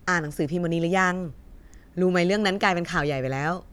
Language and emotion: Thai, happy